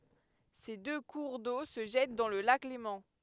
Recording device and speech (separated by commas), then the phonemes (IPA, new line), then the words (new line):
headset microphone, read sentence
se dø kuʁ do sə ʒɛt dɑ̃ lə lak lemɑ̃
Ces deux cours d'eau se jettent dans le lac Léman.